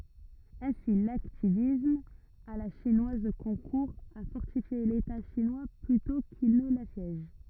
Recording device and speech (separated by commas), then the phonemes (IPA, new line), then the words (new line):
rigid in-ear microphone, read sentence
ɛ̃si laktivism a la ʃinwaz kɔ̃kuʁ a fɔʁtifje leta ʃinwa plytɔ̃ kil nə lasjɛʒ
Ainsi l’hacktivisme à la chinoise concourt à fortifier l’État chinois plutôt qu’il ne l’assiège.